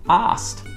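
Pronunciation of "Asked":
In 'asked', the k sound is dropped.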